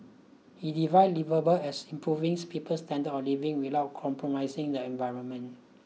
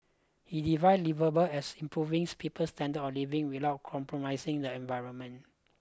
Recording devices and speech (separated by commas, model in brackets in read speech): mobile phone (iPhone 6), close-talking microphone (WH20), read sentence